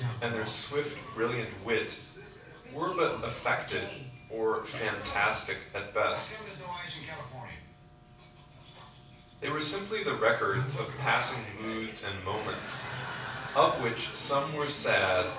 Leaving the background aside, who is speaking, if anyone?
One person.